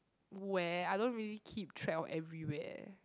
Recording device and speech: close-talking microphone, conversation in the same room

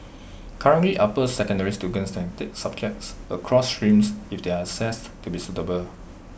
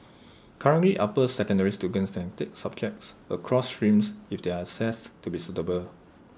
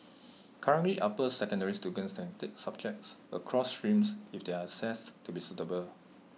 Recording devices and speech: boundary microphone (BM630), standing microphone (AKG C214), mobile phone (iPhone 6), read sentence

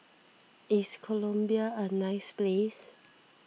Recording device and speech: mobile phone (iPhone 6), read sentence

